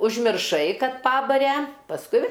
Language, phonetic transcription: Lithuanian, užmirˈšai ˈkad ˈpabare pasˈkui

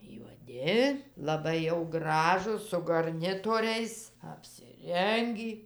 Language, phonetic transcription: Lithuanian, juoˈdi laˈbai jau graˈžūs su garˈnitoriais apsiˈrengį

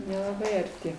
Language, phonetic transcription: Lithuanian, nelaˈbai arˈti

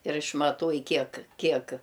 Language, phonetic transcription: Lithuanian, ir išmaˈtuoj ˈkiek ˈkiek

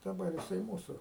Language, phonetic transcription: Lithuanian, daˈbar jiˈsai ˈmūsu

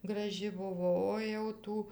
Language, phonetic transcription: Lithuanian, graˈži ˈbuvo o jau ˈtų

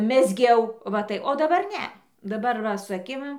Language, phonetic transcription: Lithuanian, mezˈgiau va ˈtai o daˈbar ˈne daˈbar ˈva su aˈkim

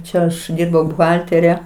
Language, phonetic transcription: Lithuanian, ˈčia aš ˈdyrbau buˈhaltere

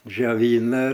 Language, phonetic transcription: Lithuanian, džioˈvyna

